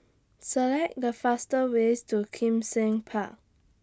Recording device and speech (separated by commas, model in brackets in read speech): standing microphone (AKG C214), read sentence